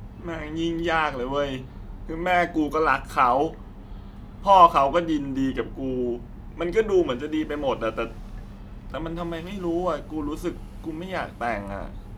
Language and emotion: Thai, sad